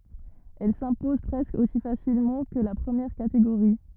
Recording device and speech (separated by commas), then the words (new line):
rigid in-ear microphone, read sentence
Elle s'impose presque aussi facilement que la première catégorie.